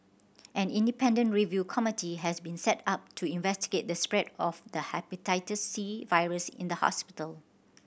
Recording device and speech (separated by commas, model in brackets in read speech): boundary microphone (BM630), read sentence